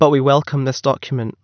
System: none